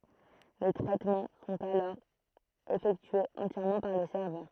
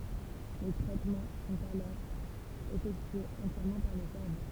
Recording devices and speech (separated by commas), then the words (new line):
throat microphone, temple vibration pickup, read sentence
Les traitements sont alors effectués entièrement par le serveur.